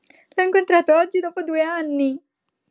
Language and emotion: Italian, happy